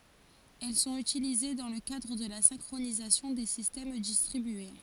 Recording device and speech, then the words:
forehead accelerometer, read sentence
Elles sont utilisées dans le cadre de la synchronisation des systèmes distribués.

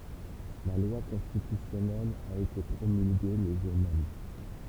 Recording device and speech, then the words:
temple vibration pickup, read sentence
La loi constitutionnelle a été promulguée le jour même.

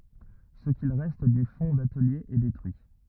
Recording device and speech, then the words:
rigid in-ear microphone, read sentence
Ce qu'il reste du fonds d'atelier est détruit.

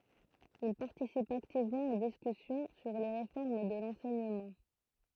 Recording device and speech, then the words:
throat microphone, read sentence
Il participe activement aux discussions sur les réformes de l’enseignement.

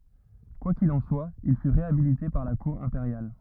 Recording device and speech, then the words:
rigid in-ear microphone, read sentence
Quoi qu’il en soit, il fut réhabilité par la cour impériale.

